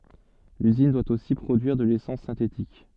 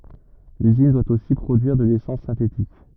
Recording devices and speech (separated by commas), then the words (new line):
soft in-ear microphone, rigid in-ear microphone, read sentence
L'usine doit aussi produire de l'essence synthétique.